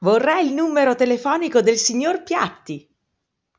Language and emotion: Italian, happy